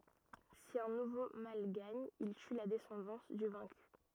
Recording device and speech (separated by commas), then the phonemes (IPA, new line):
rigid in-ear microphone, read sentence
si œ̃ nuvo mal ɡaɲ il ty la dɛsɑ̃dɑ̃s dy vɛ̃ky